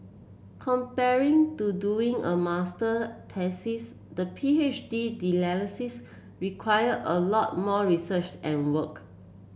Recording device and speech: boundary microphone (BM630), read sentence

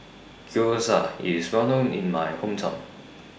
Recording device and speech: boundary microphone (BM630), read sentence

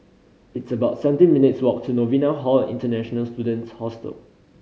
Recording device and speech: mobile phone (Samsung C5010), read sentence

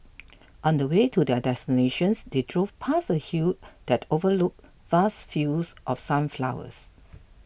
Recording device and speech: boundary microphone (BM630), read sentence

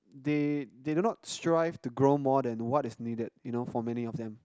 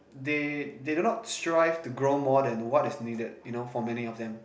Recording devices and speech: close-talking microphone, boundary microphone, conversation in the same room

